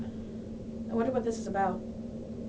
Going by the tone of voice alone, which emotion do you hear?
neutral